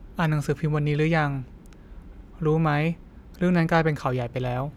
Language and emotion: Thai, neutral